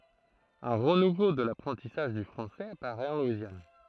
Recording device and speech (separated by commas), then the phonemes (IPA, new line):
throat microphone, read sentence
œ̃ ʁənuvo də lapʁɑ̃tisaʒ dy fʁɑ̃sɛz apaʁɛt ɑ̃ lwizjan